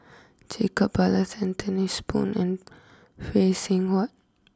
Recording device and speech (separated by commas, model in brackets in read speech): close-talking microphone (WH20), read sentence